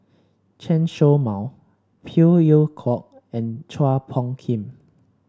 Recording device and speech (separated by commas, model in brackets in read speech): standing microphone (AKG C214), read sentence